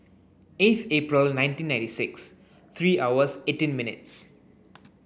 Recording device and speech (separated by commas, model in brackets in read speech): boundary microphone (BM630), read sentence